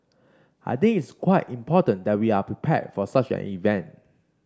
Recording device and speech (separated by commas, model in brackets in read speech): standing microphone (AKG C214), read sentence